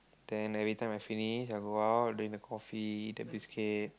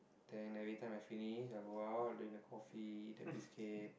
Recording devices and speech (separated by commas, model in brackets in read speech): close-talking microphone, boundary microphone, conversation in the same room